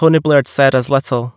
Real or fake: real